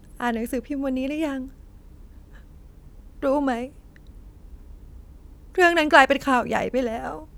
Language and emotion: Thai, sad